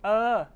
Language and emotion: Thai, neutral